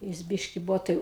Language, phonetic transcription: Lithuanian, ˈjis ˈbiški ˈbuvo tai

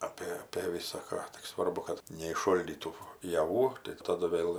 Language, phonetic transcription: Lithuanian, ˈapė apė visaˈką tik ˈsvarbu kad neišˈšoldytų jaˈvų tai taˈdu ˈvėl

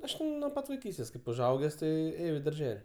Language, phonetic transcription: Lithuanian, ˈaš nuo ˈpat vaiˈkystės kaip užˈauges ˈtai ˈėjau i darˈžel'

